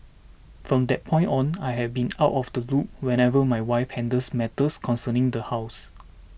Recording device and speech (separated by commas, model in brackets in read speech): boundary microphone (BM630), read sentence